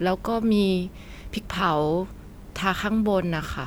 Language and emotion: Thai, neutral